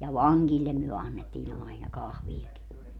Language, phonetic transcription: Finnish, ja "vaŋGillem myö 'annettii'n ‿aina "kahvijaki .
- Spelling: ja vangeille me annettiin aina kahviakin

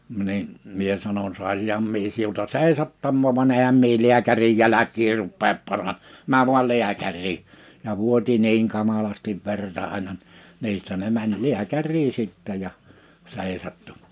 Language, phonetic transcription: Finnish, mnii , 'mie sanon » 'sàisiham mie siulta "seisattammò̳ van 'ehäm mie 'liäkärij 'jäläk̆kii 'ruppeep 'para- , 'määᵛ vual 'liäkär̆rii . « ja 'vuoti 'niiŋ 'kamalastiv 'verta àina , 'niistä ne 'mäń "liäkärrii 'sittä ja , 'sèisattu .
- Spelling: niin minä sanoin saisinhan minä sinulta seisahtumaan vaan enhän minä lääkärin jälkiä rupea - mene vain lääkäriin ja vuoti niin kamalasti verta aina niistä ne meni lääkäriin sitten ja seisahtui

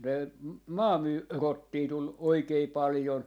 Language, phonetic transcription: Finnish, ne , 'maa , 'myy- , "rottii 'tul , "oikei "palⁱjon .
- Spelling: ne - - rottia tuli oikein paljon

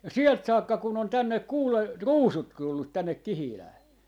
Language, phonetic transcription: Finnish, ja "sielt 'saakka kun ‿on "tännek 'kuule , "ruusut 'tullut 'tännek "Kihilää .
- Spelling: ja sieltä saakka kun on tänne kuule ruusut tullut tänne Kihilään

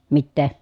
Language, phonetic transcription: Finnish, mittè ?
- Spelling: mitä

